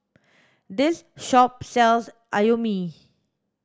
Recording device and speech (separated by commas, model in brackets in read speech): standing microphone (AKG C214), read sentence